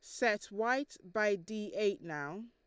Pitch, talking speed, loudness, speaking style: 210 Hz, 160 wpm, -35 LUFS, Lombard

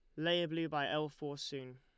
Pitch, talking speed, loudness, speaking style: 145 Hz, 230 wpm, -38 LUFS, Lombard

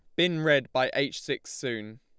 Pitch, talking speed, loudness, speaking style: 130 Hz, 200 wpm, -28 LUFS, Lombard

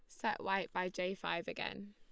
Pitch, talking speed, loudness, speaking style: 190 Hz, 210 wpm, -39 LUFS, Lombard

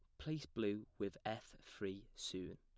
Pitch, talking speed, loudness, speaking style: 100 Hz, 150 wpm, -46 LUFS, plain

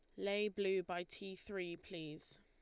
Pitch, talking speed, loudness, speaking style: 190 Hz, 160 wpm, -42 LUFS, Lombard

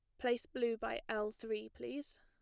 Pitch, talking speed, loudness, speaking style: 225 Hz, 180 wpm, -40 LUFS, plain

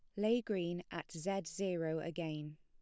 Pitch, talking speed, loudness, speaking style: 170 Hz, 150 wpm, -39 LUFS, plain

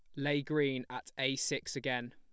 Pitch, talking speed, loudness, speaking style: 135 Hz, 185 wpm, -35 LUFS, plain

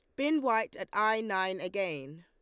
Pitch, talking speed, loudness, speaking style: 195 Hz, 180 wpm, -31 LUFS, Lombard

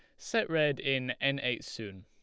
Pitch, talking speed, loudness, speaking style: 135 Hz, 195 wpm, -32 LUFS, Lombard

